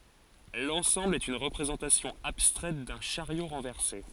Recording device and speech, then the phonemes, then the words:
forehead accelerometer, read sentence
lɑ̃sɑ̃bl ɛt yn ʁəpʁezɑ̃tasjɔ̃ abstʁɛt dœ̃ ʃaʁjo ʁɑ̃vɛʁse
L'ensemble est une représentation abstraite d'un chariot renversé.

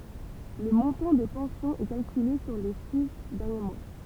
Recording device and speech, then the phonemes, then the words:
temple vibration pickup, read sentence
lə mɔ̃tɑ̃ de pɑ̃sjɔ̃z ɛ kalkyle syʁ le si dɛʁnje mwa
Le montant des pensions est calculée sur les six derniers mois.

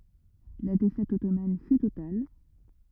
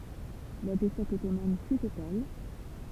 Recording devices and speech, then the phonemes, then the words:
rigid in-ear microphone, temple vibration pickup, read sentence
la defɛt ɔtoman fy total
La défaite ottomane fut totale.

